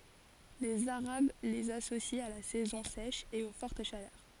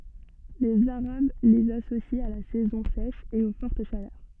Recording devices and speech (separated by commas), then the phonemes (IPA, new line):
forehead accelerometer, soft in-ear microphone, read sentence
lez aʁab lez asosit a la sɛzɔ̃ sɛʃ e o fɔʁt ʃalœʁ